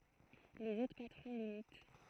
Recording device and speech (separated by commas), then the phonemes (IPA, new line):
throat microphone, read sentence
lez otʁ patʁɔ̃ limit